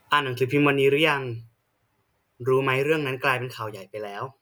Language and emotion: Thai, neutral